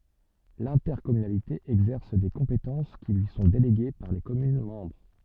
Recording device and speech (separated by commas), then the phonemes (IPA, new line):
soft in-ear microphone, read sentence
lɛ̃tɛʁkɔmynalite ɛɡzɛʁs de kɔ̃petɑ̃s ki lyi sɔ̃ deleɡe paʁ le kɔmyn mɑ̃bʁ